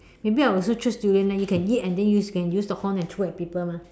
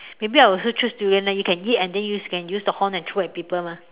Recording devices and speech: standing microphone, telephone, conversation in separate rooms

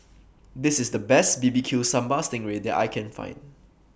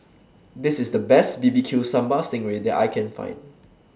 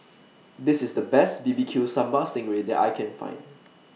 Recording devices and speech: boundary microphone (BM630), standing microphone (AKG C214), mobile phone (iPhone 6), read sentence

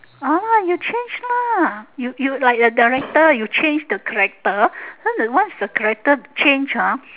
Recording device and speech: telephone, conversation in separate rooms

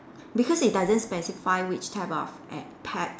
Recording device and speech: standing microphone, conversation in separate rooms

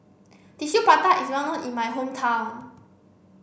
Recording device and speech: boundary microphone (BM630), read sentence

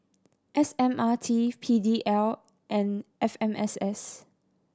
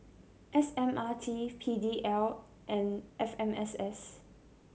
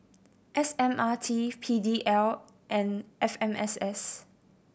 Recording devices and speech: standing microphone (AKG C214), mobile phone (Samsung C7100), boundary microphone (BM630), read sentence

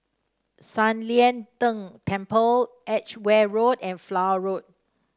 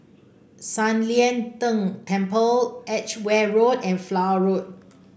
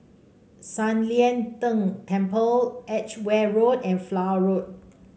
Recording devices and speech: standing microphone (AKG C214), boundary microphone (BM630), mobile phone (Samsung C5), read sentence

